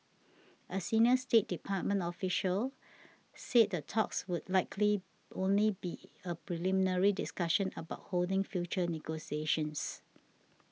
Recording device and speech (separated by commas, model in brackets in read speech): mobile phone (iPhone 6), read sentence